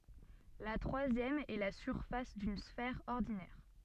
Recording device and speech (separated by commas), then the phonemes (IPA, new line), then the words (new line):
soft in-ear microphone, read sentence
la tʁwazjɛm ɛ la syʁfas dyn sfɛʁ ɔʁdinɛʁ
La troisième est la surface d'une sphère ordinaire.